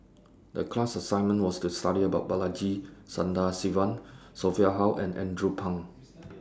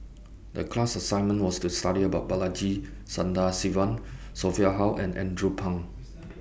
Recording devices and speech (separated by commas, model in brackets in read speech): standing microphone (AKG C214), boundary microphone (BM630), read sentence